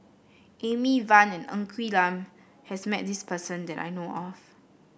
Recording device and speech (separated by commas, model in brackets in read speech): boundary microphone (BM630), read sentence